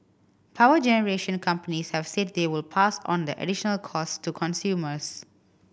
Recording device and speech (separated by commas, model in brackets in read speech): boundary microphone (BM630), read sentence